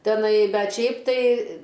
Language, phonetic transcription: Lithuanian, teˈnai ˈbet ˈšiaip tai

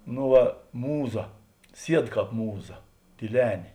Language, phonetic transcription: Lithuanian, no ˈva ˈmūˌza ˈsied ˈkāp ˈmūˌza tyˈlenė

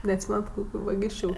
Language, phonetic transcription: Lithuanian, neatˈsymenat ˈkokiu vaˈgysčiu

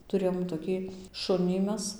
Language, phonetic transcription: Lithuanian, tuˈrėjom toˈkį ˈšunį ˈmes

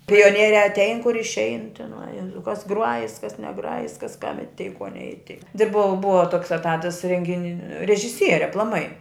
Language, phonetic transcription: Lithuanian, pioˈnieriā atˈein kur išˈein tiˈnai ˈjezau kas ˈgruajis kas neˈgrajis kas kam iˈtei ko neiˈtei ti ˈbua ˈbua toks eˈtatas rengiˈni režiˈsieri aplaˈmai

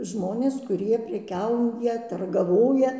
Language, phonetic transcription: Lithuanian, ˈžmonės ˈkurie preˈkiauja turgaˈvoja

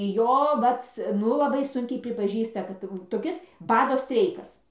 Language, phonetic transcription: Lithuanian, ˈjo ˈvat ˈnu laˈbai ˈsunkiai pripaˈžįsta ˈkad tai jau toˈkis ˈbado ˈstreikas

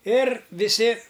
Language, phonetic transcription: Lithuanian, ir viˈsi

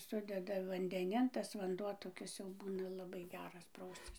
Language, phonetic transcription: Lithuanian, ˈsudeda vandeˈnin tas vanˈduo toˈkis jau ˈbūna laˈbai ˈgeras ˈprauscis

